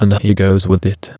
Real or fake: fake